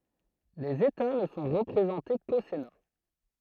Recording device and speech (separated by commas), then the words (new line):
throat microphone, read sentence
Les États ne sont représentés qu'au Sénat.